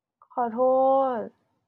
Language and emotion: Thai, sad